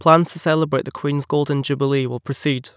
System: none